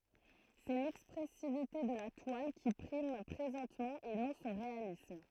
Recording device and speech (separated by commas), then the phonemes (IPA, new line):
throat microphone, read sentence
sɛ lɛkspʁɛsivite də la twal ki pʁim pʁezɑ̃tmɑ̃ e nɔ̃ sɔ̃ ʁealism